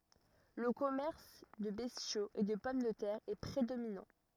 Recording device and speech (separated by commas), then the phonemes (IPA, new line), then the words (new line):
rigid in-ear microphone, read sentence
lə kɔmɛʁs də bɛstjoz e də pɔm də tɛʁ ɛ pʁedominɑ̃
Le commerce de bestiaux et de pommes de terre est prédominant.